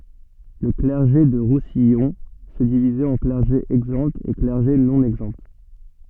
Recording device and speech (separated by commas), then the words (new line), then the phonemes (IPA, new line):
soft in-ear microphone, read sentence
Le clergé du Roussillon se divisait en clergé exempt et clergé non exempt.
lə klɛʁʒe dy ʁusijɔ̃ sə divizɛt ɑ̃ klɛʁʒe ɛɡzɑ̃ e klɛʁʒe nɔ̃ ɛɡzɑ̃